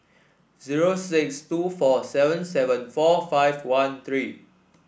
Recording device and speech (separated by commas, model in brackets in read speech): boundary microphone (BM630), read sentence